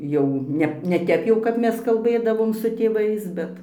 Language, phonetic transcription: Lithuanian, jau ˈne ne ˈtep jau kap ˈmes kalˈbɘdavom su tėˈvais ˈbet

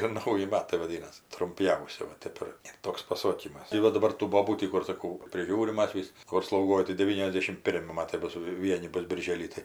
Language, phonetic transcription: Lithuanian, ir ˈnauji ˈmatai vaˈdynas trumˈpjausi va ˈtep ir ir ˈtoks paˈsokymas tai ˈva daˈbar tų ˈbobų ˈtį kur saˈkau priˈžiūrim ˈmas vis ˈkur slauˈgoj tai deˈvyniasˌdėšim ˈpirmi ˈmatai ˈbus ˈvieni ˈbus birˈžėly tai

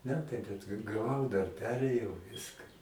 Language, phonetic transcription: Lithuanian, ˈmetai bet ga gaˈvau dar ˈperėjau ˈviska

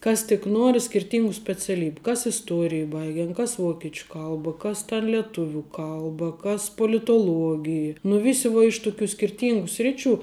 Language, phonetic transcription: Lithuanian, ˈkas tik ˈnuori skirˈtyngu speciaˈlybiu ˈkas isˈtuorij ˈbaigen ˈkas ˈvokečiu ˈkalba ˈkas ten lieˈtuvių ˈkalba kas politoˈluogij nu ˈvisi vuo iš tuˈkių skirˈtyngų ˈsriˌčių

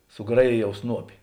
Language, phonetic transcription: Lithuanian, suˈgrajėjau ˈsnuopi

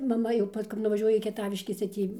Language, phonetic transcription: Lithuanian, maˈma jau ˈpas kap nuvaˈžiuoja į kieˈtaviškes tai ˈtį

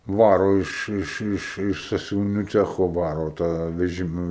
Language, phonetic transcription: Lithuanian, ˈvaro iš ˈiš ˈiš iš sasiuviˈnių ˈcecho ˈvaro tą veˈžima

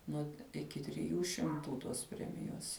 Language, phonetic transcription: Lithuanian, nuo iˈki triˈjų šimˈtų tos ˈpremijos

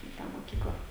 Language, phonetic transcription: Lithuanian, i ˈtą moˈkykla

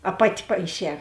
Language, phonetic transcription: Lithuanian, a ˈpati paiˈšē

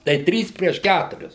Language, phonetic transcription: Lithuanian, tai ˈtrys prieš ˈkæturis

